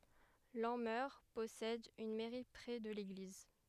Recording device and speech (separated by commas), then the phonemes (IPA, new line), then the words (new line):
headset microphone, read sentence
lɑ̃mœʁ pɔsɛd yn mɛʁi pʁɛ də leɡliz
Lanmeur possède une mairie près de l'église.